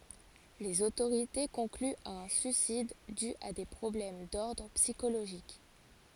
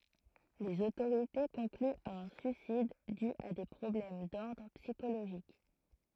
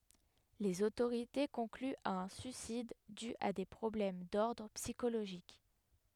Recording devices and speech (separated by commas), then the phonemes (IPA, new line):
forehead accelerometer, throat microphone, headset microphone, read sentence
lez otoʁite kɔ̃klyt a œ̃ syisid dy a de pʁɔblɛm dɔʁdʁ psikoloʒik